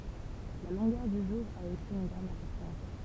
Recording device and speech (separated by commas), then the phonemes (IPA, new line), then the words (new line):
temple vibration pickup, read sentence
la lɔ̃ɡœʁ dy ʒuʁ a osi yn ɡʁɑ̃d ɛ̃pɔʁtɑ̃s
La longueur du jour a aussi une grande importance.